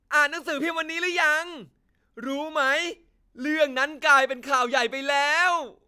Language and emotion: Thai, happy